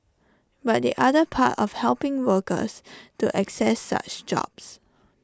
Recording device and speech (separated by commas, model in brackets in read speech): standing microphone (AKG C214), read sentence